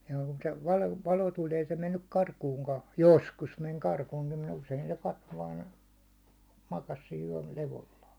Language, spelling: Finnish, ja kun se - valo tuli ei se mennyt karkuunkaan joskus meni karkuunkin mutta usein se katsoi vain makasi siinä yölevolla
- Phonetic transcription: jᴀ kᴜɴ se 'valo- 'valo tuĺ ei se mennyk 'karkuuŋkaa , "joskus meŋ karkuunkɪ m ‿usein se 'katto vaan , makas siin yäₒ'levolla .

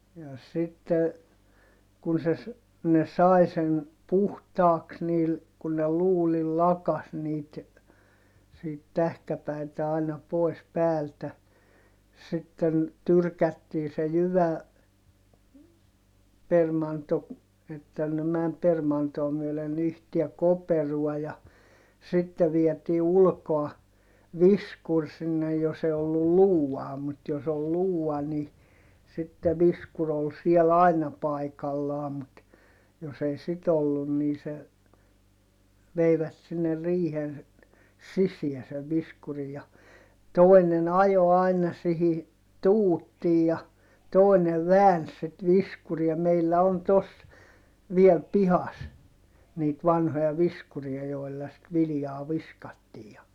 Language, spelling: Finnish, ja sitten kun se - ne sai sen puhtaaksi niillä kun ne luudilla lakaisi niitä siitä tähkäpäitä aina pois päältä sitten tyrkättiin se - jyväpermanto että ne meni permantoa myöden yhteen koperoon ja sitten vietiin ulkoa viskuri sinne jos ei ollut luutaa mutta jos oli luuta niin sitten viskuri oli siellä aina paikallaan mutta jos ei sitten ollut niin se veivät sinne riihen sisään sen viskurin ja toinen ajoi aina siihen tuuttiin ja toinen väänsi sitten viskuria meillä on tuossa vielä pihassa niitä vanhoja viskuria joilla sitten viljaa viskattiin ja
- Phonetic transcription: ja sitte , kun̬ se ‿s- , ne sài sen , puhtaaks niil , kun ne luulil lakas niit , siit tähkäpäitä aina pòi̮s päältä , sitten , tyrkättii se jyvä- , -permanto , että ne mäm permantoo myölen ‿yhtiä koperuɔ ja , sitte vietii ulkoa , viskur sinne jos ‿e ollu luu₍aa mut jos ‿ol luu₍a ni , sitte viskur ‿ol siɛl ‿aina paikallaa mut , jos ‿ei sit ‿ollun nii se , veivät sinne riihen , sisiä sev viskuri ja , toi̮nen ‿ajo aina sihi , tuuttiij ja , tòinev vääns sit viskuria - meillä on tos , viɛl pihas , niit vanhoja viskuria joi̮lla sit vilⁱjaa viskattii ja , .

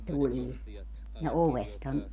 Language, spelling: Finnish, tulee ja ovestahan
- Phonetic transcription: '(tulii) , ja 'ovesthan ,.

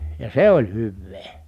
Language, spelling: Finnish, ja se oli hyvää
- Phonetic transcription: ja se oĺ hyvvee .

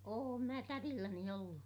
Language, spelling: Finnish, olen minä tädilläni ollut
- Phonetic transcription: oom mä tärilläni ollu .

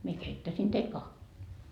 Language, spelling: Finnish, minä keittäisin teille kahvia
- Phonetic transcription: mie "keittäsin teil 'kahvii .

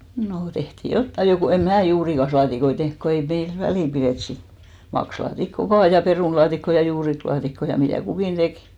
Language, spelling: Finnish, no tehtiin jotakin jo kun en minä juurikaslaatikoita tehnyt kun ei meillä väliä pidetty sitten maksalaatikkoa vain perunalaatikkoa ja juurikaslaatikkoa ja mitä kukin teki
- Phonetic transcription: nò , tehtì "jottai jo , ko em "mää 'juurikaslaatikoi 'tehnk ko ei 'meil "välì pirèt sit , 'makslaatikko "vaa , 'perùnlaatikko ja 'juuriklaatikko ja 'mitä̀ 'kukìn "ᴅekɪ .

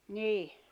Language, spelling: Finnish, niin
- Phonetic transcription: nìh .

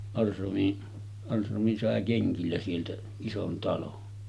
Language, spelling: Finnish, Ahlström Ahlström sai kengillä sieltä ison talon
- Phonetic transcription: 'Alsromi , 'Alsromi sàe 'keŋkillä sieltä , 'ison talon .

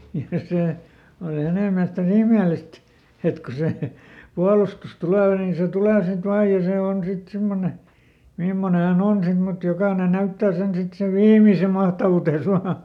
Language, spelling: Finnish, ja se oli hänen mielestä niin ihmeellistä että kun se puolustus tulee niin se tulee sitten vain ja se on sitten semmoinen mimmoinen hän on sitten mutta jokainen näyttää sen sitten sen viimeisen mahtavuutensa vain
- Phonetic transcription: ja ˈsè , oli ˈhänè miälest ni ˈihmèlist , ˈet ko ˈse , "pualustus ˈtulè nin̬ se ˈtulè ˈsit ˈvaaj ja ˈse ˈon ˈsit "simmone , "mimmone häˈn ‿on ˈsit mut ˈjokàne ˈnäyttää sen ˈsit sev "viimise mahtavutes ˈvaa .

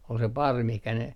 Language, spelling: Finnish, oli se parvi mihin ne
- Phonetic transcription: ol se 'parvi mihkä ne ,.

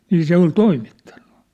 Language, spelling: Finnish, niin se oli toimittanut
- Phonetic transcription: nii 'se ‿ol "toimittᴀɴɴᴜ .

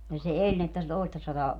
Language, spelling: Finnish, ja se eli niin että se toistasataa
- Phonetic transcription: ja se "eĺ ni että , se 'toistasataa ,.

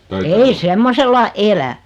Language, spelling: Finnish, ei semmoisella elä
- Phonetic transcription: 'ei "semmosella "elä .

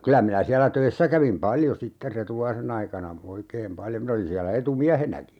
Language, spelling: Finnish, kyllä minä siellä töissä kävin paljon sitten Retulaisen aikana oikein paljon minä olin siellä etumiehenäkin
- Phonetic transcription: 'kylä minä siälä "töissä kävim "paljo sitter "Retulaise'n ‿aikana , 'oikeem 'paljo min ‿olin siälä 'etu"miähenäki .

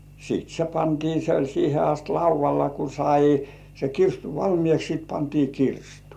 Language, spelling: Finnish, sitten se pantiin se oli siihen asti laudalla kun sai se kirstu valmiiksi sitten pantiin kirstuun
- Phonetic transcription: sìt 'se "pantii se oĺ 'siihe ast "lauv̆valla ku sai , se 'kirstu "valmĭèks sit pantii 'kirstᴜᴜ .

